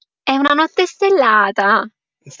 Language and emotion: Italian, happy